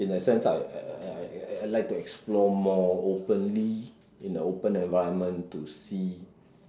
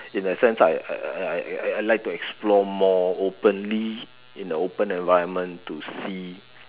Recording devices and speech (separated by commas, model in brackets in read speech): standing microphone, telephone, conversation in separate rooms